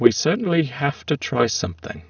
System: VC, spectral filtering